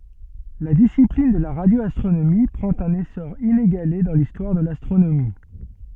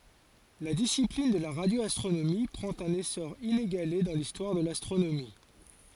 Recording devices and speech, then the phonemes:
soft in-ear microphone, forehead accelerometer, read sentence
la disiplin də la ʁadjoastʁonomi pʁɑ̃t œ̃n esɔʁ ineɡale dɑ̃ listwaʁ də lastʁonomi

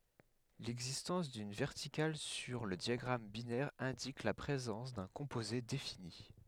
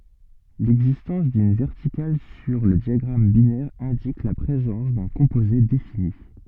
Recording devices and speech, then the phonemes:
headset microphone, soft in-ear microphone, read sentence
lɛɡzistɑ̃s dyn vɛʁtikal syʁ lə djaɡʁam binɛʁ ɛ̃dik la pʁezɑ̃s dœ̃ kɔ̃poze defini

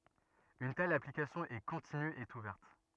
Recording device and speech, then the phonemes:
rigid in-ear microphone, read sentence
yn tɛl aplikasjɔ̃ ɛ kɔ̃tiny e uvɛʁt

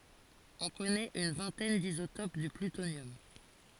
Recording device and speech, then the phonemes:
forehead accelerometer, read sentence
ɔ̃ kɔnɛt yn vɛ̃tɛn dizotop dy plytonjɔm

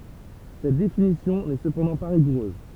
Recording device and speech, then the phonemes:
temple vibration pickup, read sentence
sɛt definisjɔ̃ nɛ səpɑ̃dɑ̃ pa ʁiɡuʁøz

